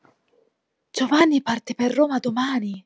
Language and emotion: Italian, surprised